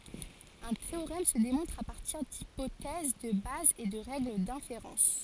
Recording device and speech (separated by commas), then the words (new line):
forehead accelerometer, read sentence
Un théorème se démontre à partir d'hypothèses de base et de règles d'inférence.